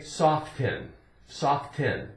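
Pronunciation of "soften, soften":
'Soften' is pronounced incorrectly here.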